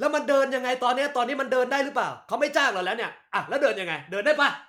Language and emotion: Thai, angry